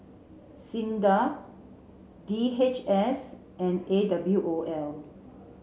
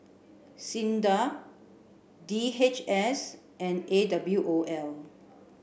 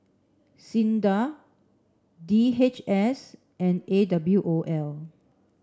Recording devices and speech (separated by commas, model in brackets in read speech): mobile phone (Samsung C7), boundary microphone (BM630), standing microphone (AKG C214), read sentence